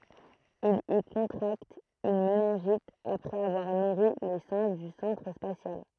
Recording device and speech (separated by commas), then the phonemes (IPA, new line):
throat microphone, read sentence
il i kɔ̃tʁakt yn menɛ̃ʒit apʁɛz avwaʁ nuʁi le sɛ̃ʒ dy sɑ̃tʁ spasjal